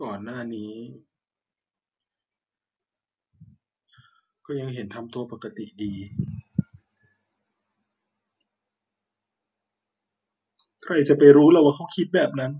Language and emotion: Thai, sad